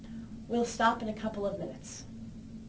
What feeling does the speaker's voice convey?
neutral